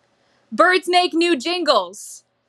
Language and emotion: English, angry